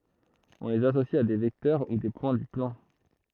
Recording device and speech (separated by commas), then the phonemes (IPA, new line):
throat microphone, read sentence
ɔ̃ lez asosi a de vɛktœʁ u de pwɛ̃ dy plɑ̃